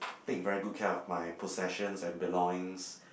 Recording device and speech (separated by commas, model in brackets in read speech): boundary microphone, conversation in the same room